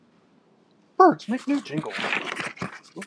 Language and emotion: English, happy